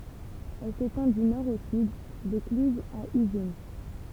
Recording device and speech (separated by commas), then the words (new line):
temple vibration pickup, read sentence
Elle s'étend du nord au sud, de Cluses à Ugine.